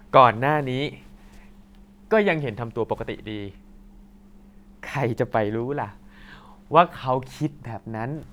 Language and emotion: Thai, happy